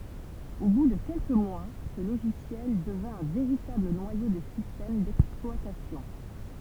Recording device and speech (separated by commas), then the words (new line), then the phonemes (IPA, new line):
temple vibration pickup, read sentence
Au bout de quelques mois, ce logiciel devint un véritable noyau de système d'exploitation.
o bu də kɛlkə mwa sə loʒisjɛl dəvɛ̃ œ̃ veʁitabl nwajo də sistɛm dɛksplwatasjɔ̃